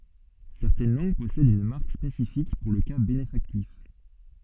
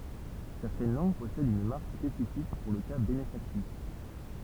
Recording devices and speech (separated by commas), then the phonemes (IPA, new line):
soft in-ear microphone, temple vibration pickup, read sentence
sɛʁtɛn lɑ̃ɡ pɔsɛdt yn maʁk spesifik puʁ lə ka benefaktif